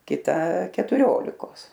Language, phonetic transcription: Lithuanian, kiˈta ketuˈriolikos

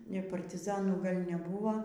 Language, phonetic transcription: Lithuanian, partiˈzanų ˈgal' neˈbūvo

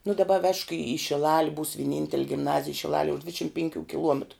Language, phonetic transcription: Lithuanian, nu daˈba vežk į i šiˈlali būs vieˈnintel' gimˈnazij šiˈlalie už ˈdvidšim penˈkių kiˈluometru

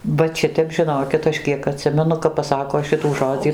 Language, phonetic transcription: Lithuanian, ˈvat ˈšitep žiˈnokit ˈaš ˈkiek aˈtsimenu kap paˈsako ˈšitų ˈžodzį

